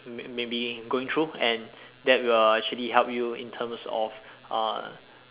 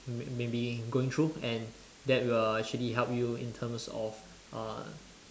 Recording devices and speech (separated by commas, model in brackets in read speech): telephone, standing microphone, conversation in separate rooms